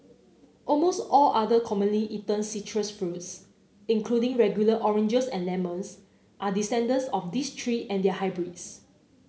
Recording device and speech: mobile phone (Samsung C9), read sentence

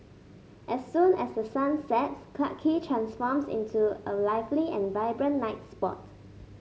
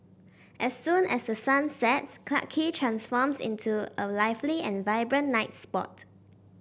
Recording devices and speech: mobile phone (Samsung S8), boundary microphone (BM630), read sentence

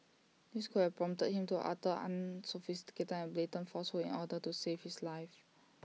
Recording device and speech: mobile phone (iPhone 6), read sentence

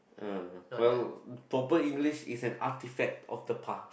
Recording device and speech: boundary microphone, conversation in the same room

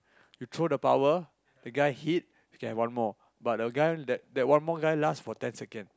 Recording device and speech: close-talking microphone, conversation in the same room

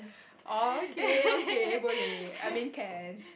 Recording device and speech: boundary microphone, conversation in the same room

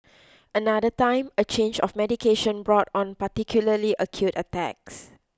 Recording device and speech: close-talking microphone (WH20), read sentence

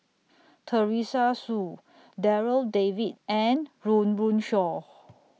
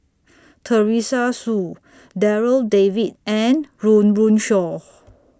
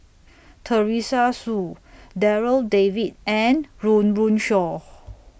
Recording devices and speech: mobile phone (iPhone 6), standing microphone (AKG C214), boundary microphone (BM630), read sentence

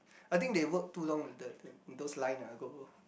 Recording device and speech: boundary microphone, conversation in the same room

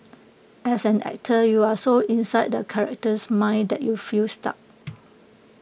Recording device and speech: boundary microphone (BM630), read sentence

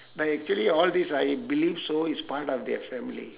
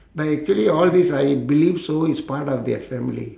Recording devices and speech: telephone, standing microphone, conversation in separate rooms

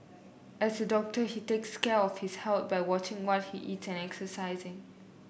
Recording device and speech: boundary microphone (BM630), read sentence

